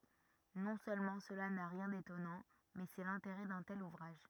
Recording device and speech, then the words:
rigid in-ear microphone, read sentence
Non seulement cela n’a rien d’étonnant, mais c’est l’intérêt d’un tel ouvrage.

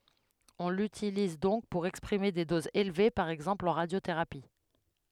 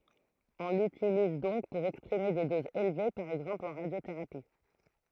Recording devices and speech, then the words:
headset microphone, throat microphone, read sentence
On l'utilise donc pour exprimer des doses élevées, par exemple en radiothérapie.

